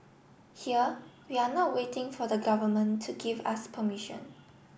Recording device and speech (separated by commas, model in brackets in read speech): boundary microphone (BM630), read sentence